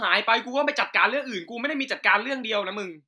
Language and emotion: Thai, angry